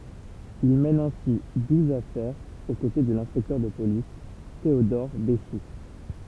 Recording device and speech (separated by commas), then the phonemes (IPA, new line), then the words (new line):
temple vibration pickup, read sentence
il mɛn ɛ̃si duz afɛʁz o kote də lɛ̃spɛktœʁ də polis teodɔʁ beʃu
Il mène ainsi douze affaires aux côtés de l'inspecteur de police Théodore Béchoux.